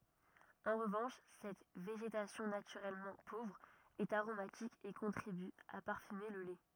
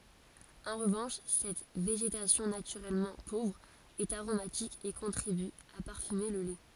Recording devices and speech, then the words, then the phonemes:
rigid in-ear microphone, forehead accelerometer, read sentence
En revanche, cette végétation naturellement pauvre est aromatique et contribue à parfumer le lait.
ɑ̃ ʁəvɑ̃ʃ sɛt veʒetasjɔ̃ natyʁɛlmɑ̃ povʁ ɛt aʁomatik e kɔ̃tʁiby a paʁfyme lə lɛ

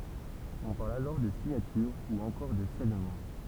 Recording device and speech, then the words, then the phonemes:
temple vibration pickup, read sentence
On parle alors de signature ou encore de scellement.
ɔ̃ paʁl alɔʁ də siɲatyʁ u ɑ̃kɔʁ də sɛlmɑ̃

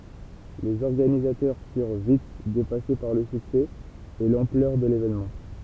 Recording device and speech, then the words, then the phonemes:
temple vibration pickup, read sentence
Les organisateurs furent vite dépassés par le succès et l'ampleur de l'événement.
lez ɔʁɡanizatœʁ fyʁ vit depase paʁ lə syksɛ e lɑ̃plœʁ də levenmɑ̃

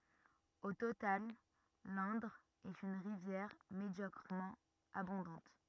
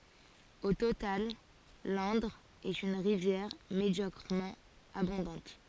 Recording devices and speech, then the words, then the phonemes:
rigid in-ear microphone, forehead accelerometer, read sentence
Au total, l'Indre est une rivière médiocrement abondante.
o total lɛ̃dʁ ɛt yn ʁivjɛʁ medjɔkʁəmɑ̃ abɔ̃dɑ̃t

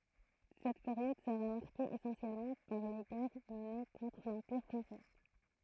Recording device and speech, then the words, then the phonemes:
throat microphone, read sentence
Cette période sera marquée essentiellement par les guerres menées contre l'Empire français.
sɛt peʁjɔd səʁa maʁke esɑ̃sjɛlmɑ̃ paʁ le ɡɛʁ məne kɔ̃tʁ lɑ̃piʁ fʁɑ̃sɛ

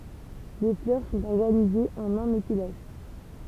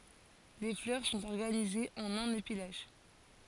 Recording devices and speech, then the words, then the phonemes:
temple vibration pickup, forehead accelerometer, read sentence
Les fleurs sont organisées en un épi lâche.
le flœʁ sɔ̃t ɔʁɡanizez ɑ̃n œ̃n epi laʃ

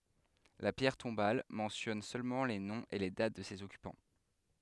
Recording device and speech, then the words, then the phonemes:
headset microphone, read sentence
La pierre tombale mentionne seulement les noms et les dates de ses occupants.
la pjɛʁ tɔ̃bal mɑ̃sjɔn sølmɑ̃ le nɔ̃z e le dat də sez ɔkypɑ̃

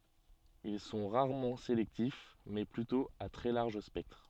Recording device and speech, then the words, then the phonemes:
soft in-ear microphone, read sentence
Ils sont rarement sélectifs, mais plutôt à très large spectre.
il sɔ̃ ʁaʁmɑ̃ selɛktif mɛ plytɔ̃ a tʁɛ laʁʒ spɛktʁ

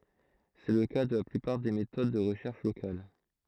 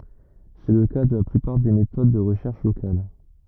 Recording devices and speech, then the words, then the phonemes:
throat microphone, rigid in-ear microphone, read sentence
C’est le cas de la plupart des méthodes de recherche locale.
sɛ lə ka də la plypaʁ de metod də ʁəʃɛʁʃ lokal

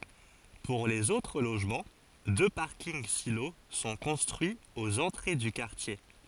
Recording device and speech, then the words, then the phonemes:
forehead accelerometer, read sentence
Pour les autres logements, deux parkings-silos sont construits aux entrées du quartier.
puʁ lez otʁ loʒmɑ̃ dø paʁkinɡ silo sɔ̃ kɔ̃stʁyiz oz ɑ̃tʁe dy kaʁtje

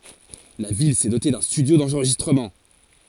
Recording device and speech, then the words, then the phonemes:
forehead accelerometer, read sentence
La ville s’est dotée d’un studio d’enregistrement.
la vil sɛ dote dœ̃ stydjo dɑ̃ʁʒistʁəmɑ̃

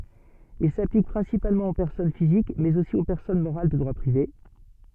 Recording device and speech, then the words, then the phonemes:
soft in-ear microphone, read sentence
Il s'applique principalement aux personnes physiques, mais aussi aux personnes morales de droit privé.
il saplik pʁɛ̃sipalmɑ̃ o pɛʁsɔn fizik mɛz osi o pɛʁsɔn moʁal də dʁwa pʁive

